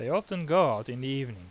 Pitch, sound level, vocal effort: 135 Hz, 89 dB SPL, normal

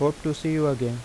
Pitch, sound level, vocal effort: 145 Hz, 84 dB SPL, normal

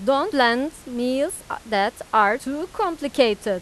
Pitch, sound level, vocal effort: 270 Hz, 93 dB SPL, loud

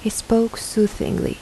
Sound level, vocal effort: 76 dB SPL, soft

